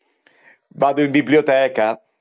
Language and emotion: Italian, happy